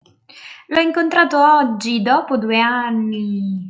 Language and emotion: Italian, happy